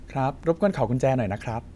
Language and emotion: Thai, neutral